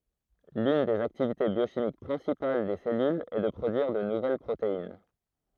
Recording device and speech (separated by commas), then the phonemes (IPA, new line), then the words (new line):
throat microphone, read sentence
lyn dez aktivite bjoʃimik pʁɛ̃sipal de sɛlylz ɛ də pʁodyiʁ də nuvɛl pʁotein
L'une des activités biochimiques principales des cellules est de produire de nouvelles protéines.